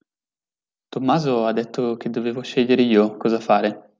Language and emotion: Italian, neutral